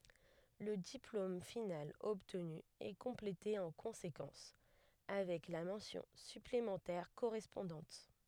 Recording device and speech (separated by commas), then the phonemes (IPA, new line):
headset microphone, read sentence
lə diplom final ɔbtny ɛ kɔ̃plete ɑ̃ kɔ̃sekɑ̃s avɛk la mɑ̃sjɔ̃ syplemɑ̃tɛʁ koʁɛspɔ̃dɑ̃t